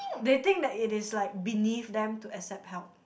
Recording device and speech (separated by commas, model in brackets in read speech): boundary microphone, conversation in the same room